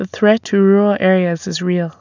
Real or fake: real